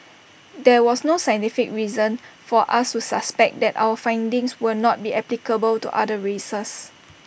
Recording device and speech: boundary microphone (BM630), read sentence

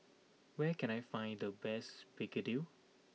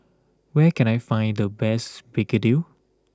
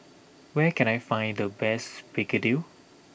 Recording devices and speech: mobile phone (iPhone 6), close-talking microphone (WH20), boundary microphone (BM630), read sentence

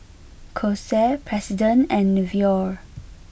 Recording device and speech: boundary microphone (BM630), read sentence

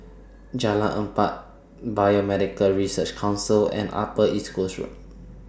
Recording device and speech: standing microphone (AKG C214), read sentence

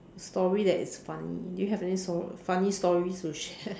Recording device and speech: standing microphone, conversation in separate rooms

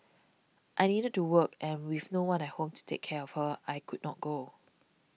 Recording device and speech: mobile phone (iPhone 6), read sentence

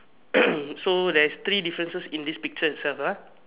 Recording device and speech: telephone, conversation in separate rooms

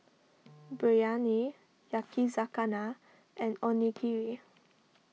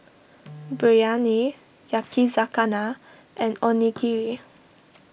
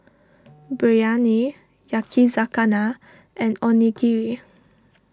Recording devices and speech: mobile phone (iPhone 6), boundary microphone (BM630), standing microphone (AKG C214), read sentence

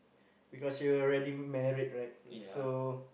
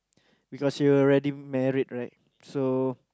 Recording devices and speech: boundary microphone, close-talking microphone, conversation in the same room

